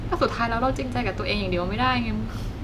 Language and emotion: Thai, sad